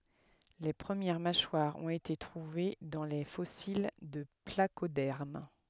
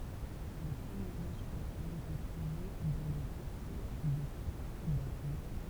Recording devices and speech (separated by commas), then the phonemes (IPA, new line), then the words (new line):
headset microphone, temple vibration pickup, read sentence
le pʁəmjɛʁ maʃwaʁz ɔ̃t ete tʁuve dɑ̃ le fɔsil də plakodɛʁm
Les premières mâchoires ont été trouvées dans les fossiles de placodermes.